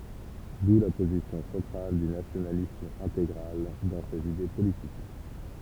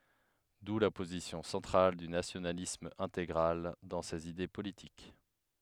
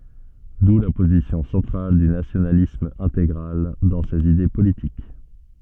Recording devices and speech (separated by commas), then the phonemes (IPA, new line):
temple vibration pickup, headset microphone, soft in-ear microphone, read sentence
du la pozisjɔ̃ sɑ̃tʁal dy nasjonalism ɛ̃teɡʁal dɑ̃ sez ide politik